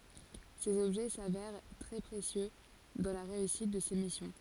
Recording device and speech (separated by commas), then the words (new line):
forehead accelerometer, read sentence
Ces objets s'avèrent très précieux dans la réussite de ses missions.